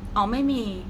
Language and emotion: Thai, frustrated